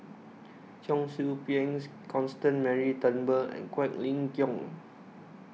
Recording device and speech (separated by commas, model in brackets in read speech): mobile phone (iPhone 6), read sentence